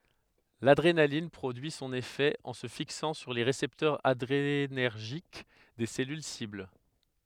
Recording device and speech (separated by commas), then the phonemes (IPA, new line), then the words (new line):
headset microphone, read sentence
ladʁenalin pʁodyi sɔ̃n efɛ ɑ̃ sə fiksɑ̃ syʁ le ʁesɛptœʁz adʁenɛʁʒik de sɛlyl sibl
L’adrénaline produit son effet en se fixant sur les récepteurs adrénergiques des cellules cibles.